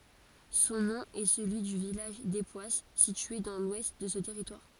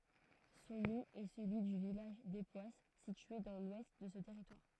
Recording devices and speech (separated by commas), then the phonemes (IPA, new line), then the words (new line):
forehead accelerometer, throat microphone, read sentence
sɔ̃ nɔ̃ ɛ səlyi dy vilaʒ depwas sitye dɑ̃ lwɛst də sə tɛʁitwaʁ
Son nom est celui du village d'Époisses, situé dans l'ouest de ce territoire.